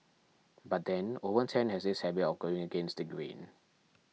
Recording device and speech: mobile phone (iPhone 6), read sentence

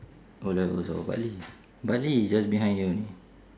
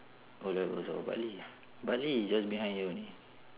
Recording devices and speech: standing microphone, telephone, conversation in separate rooms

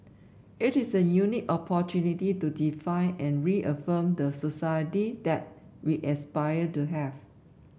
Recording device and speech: boundary microphone (BM630), read sentence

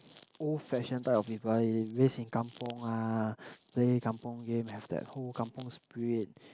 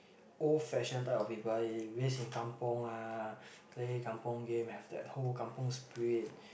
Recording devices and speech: close-talking microphone, boundary microphone, conversation in the same room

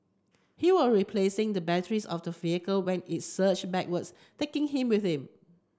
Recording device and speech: close-talking microphone (WH30), read sentence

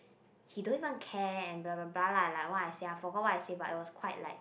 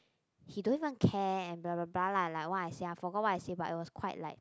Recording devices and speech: boundary microphone, close-talking microphone, conversation in the same room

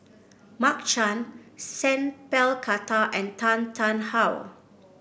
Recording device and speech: boundary microphone (BM630), read sentence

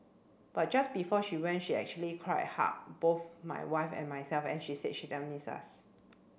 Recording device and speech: boundary microphone (BM630), read sentence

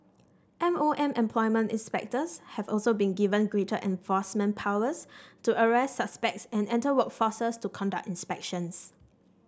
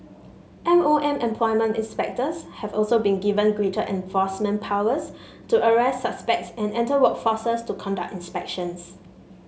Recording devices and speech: standing microphone (AKG C214), mobile phone (Samsung S8), read sentence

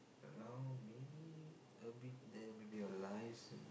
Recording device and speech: boundary microphone, conversation in the same room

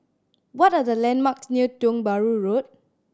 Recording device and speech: standing microphone (AKG C214), read sentence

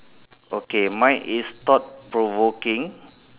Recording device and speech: telephone, conversation in separate rooms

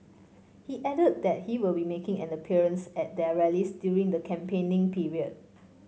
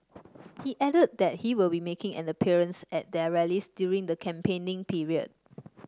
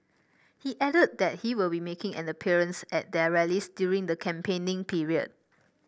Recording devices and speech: mobile phone (Samsung C5), standing microphone (AKG C214), boundary microphone (BM630), read sentence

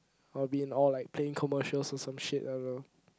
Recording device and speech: close-talking microphone, conversation in the same room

